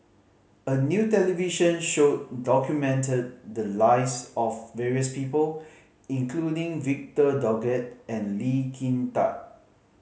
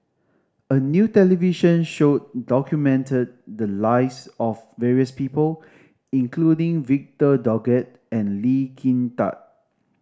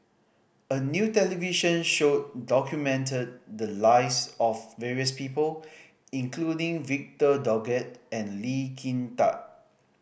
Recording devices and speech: mobile phone (Samsung C5010), standing microphone (AKG C214), boundary microphone (BM630), read sentence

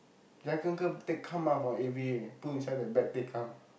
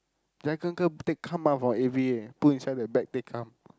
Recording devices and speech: boundary microphone, close-talking microphone, conversation in the same room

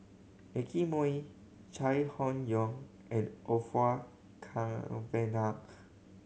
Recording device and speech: mobile phone (Samsung C7100), read sentence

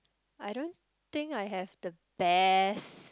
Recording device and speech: close-talking microphone, conversation in the same room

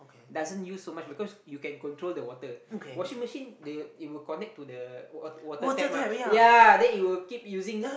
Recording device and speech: boundary microphone, conversation in the same room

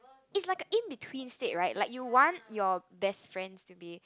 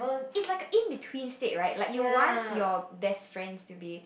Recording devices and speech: close-talking microphone, boundary microphone, conversation in the same room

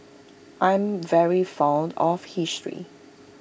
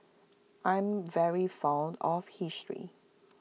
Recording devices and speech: boundary microphone (BM630), mobile phone (iPhone 6), read sentence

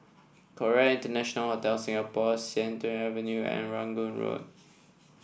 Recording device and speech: boundary microphone (BM630), read sentence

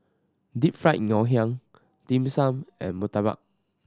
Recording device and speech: standing microphone (AKG C214), read sentence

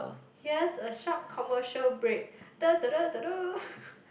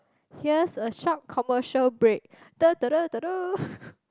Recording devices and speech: boundary microphone, close-talking microphone, conversation in the same room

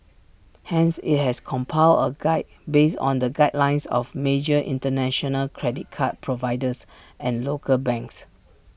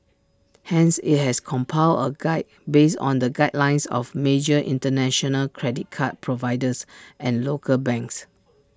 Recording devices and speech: boundary microphone (BM630), standing microphone (AKG C214), read sentence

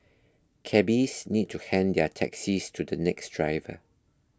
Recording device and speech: close-talking microphone (WH20), read sentence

